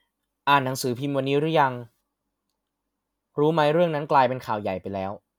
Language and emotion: Thai, neutral